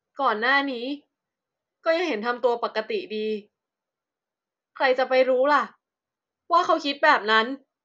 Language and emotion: Thai, frustrated